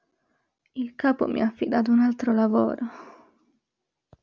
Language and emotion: Italian, sad